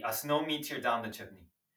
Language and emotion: English, disgusted